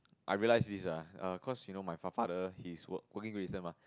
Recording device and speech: close-talking microphone, conversation in the same room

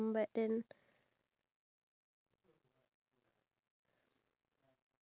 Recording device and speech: standing microphone, conversation in separate rooms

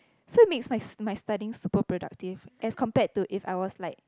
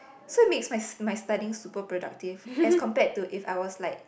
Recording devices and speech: close-talking microphone, boundary microphone, conversation in the same room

